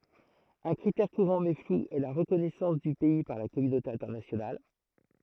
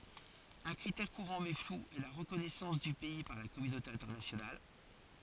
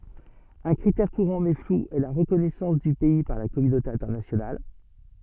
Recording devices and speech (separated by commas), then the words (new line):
throat microphone, forehead accelerometer, soft in-ear microphone, read sentence
Un critère courant mais flou est la reconnaissance du pays par la communauté internationale.